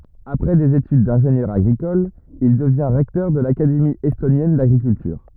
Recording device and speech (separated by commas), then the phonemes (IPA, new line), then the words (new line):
rigid in-ear microphone, read sentence
apʁɛ dez etyd dɛ̃ʒenjœʁ aɡʁikɔl il dəvjɛ̃ ʁɛktœʁ də lakademi ɛstonjɛn daɡʁikyltyʁ
Après des études d'ingénieur agricole, il devient recteur de l'Académie estonienne d'agriculture.